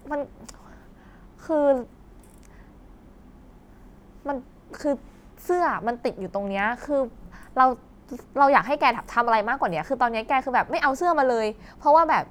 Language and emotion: Thai, frustrated